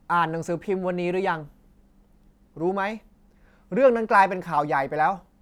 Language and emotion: Thai, angry